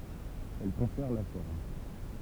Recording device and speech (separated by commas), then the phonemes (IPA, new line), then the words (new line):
temple vibration pickup, read sentence
ɛl kɔ̃fɛʁ la fɔʁm
Elle confère la forme.